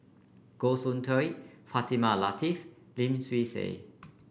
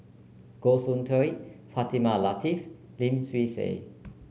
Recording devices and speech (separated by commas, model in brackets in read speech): boundary microphone (BM630), mobile phone (Samsung C9), read sentence